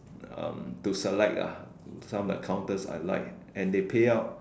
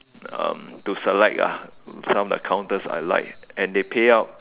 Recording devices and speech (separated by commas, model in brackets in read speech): standing microphone, telephone, conversation in separate rooms